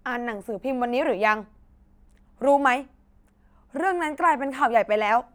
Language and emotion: Thai, angry